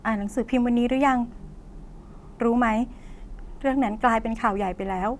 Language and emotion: Thai, neutral